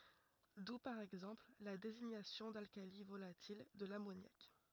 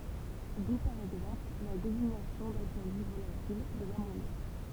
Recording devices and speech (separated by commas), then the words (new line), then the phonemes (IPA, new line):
rigid in-ear microphone, temple vibration pickup, read sentence
D'où par exemple la désignation d'alcali volatil de l'ammoniaque.
du paʁ ɛɡzɑ̃pl la deziɲasjɔ̃ dalkali volatil də lamonjak